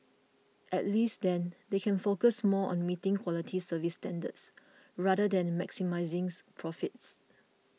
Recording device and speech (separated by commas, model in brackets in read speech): mobile phone (iPhone 6), read sentence